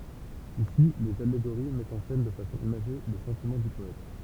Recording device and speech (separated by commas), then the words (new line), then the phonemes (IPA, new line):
temple vibration pickup, read sentence
Ici, les allégories mettent en scène de façon imagée les sentiments du poète.
isi lez aleɡoʁi mɛtt ɑ̃ sɛn də fasɔ̃ imaʒe le sɑ̃timɑ̃ dy pɔɛt